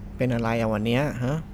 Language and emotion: Thai, frustrated